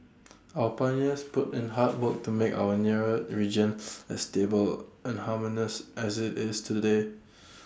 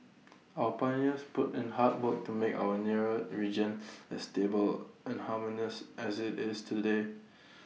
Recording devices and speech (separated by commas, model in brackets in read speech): standing microphone (AKG C214), mobile phone (iPhone 6), read sentence